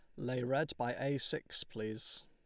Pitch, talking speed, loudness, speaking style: 125 Hz, 175 wpm, -38 LUFS, Lombard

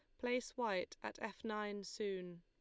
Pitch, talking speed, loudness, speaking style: 210 Hz, 165 wpm, -43 LUFS, Lombard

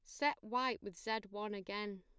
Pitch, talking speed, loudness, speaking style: 210 Hz, 200 wpm, -40 LUFS, plain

